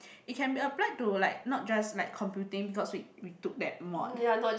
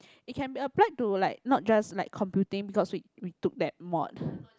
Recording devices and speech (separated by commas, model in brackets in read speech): boundary microphone, close-talking microphone, conversation in the same room